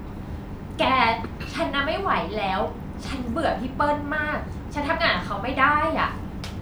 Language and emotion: Thai, frustrated